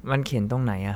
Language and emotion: Thai, neutral